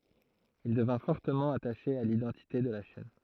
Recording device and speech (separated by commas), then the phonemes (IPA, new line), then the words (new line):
throat microphone, read sentence
il dəvɛ̃ fɔʁtəmɑ̃ ataʃe a lidɑ̃tite də la ʃɛn
Il devint fortement attaché à l’identité de la chaîne.